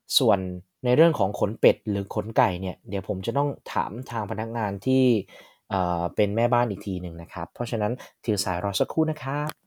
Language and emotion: Thai, neutral